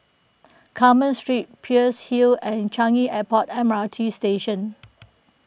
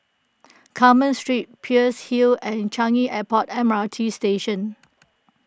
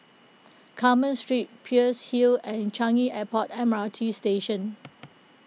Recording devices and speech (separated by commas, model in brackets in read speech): boundary microphone (BM630), close-talking microphone (WH20), mobile phone (iPhone 6), read sentence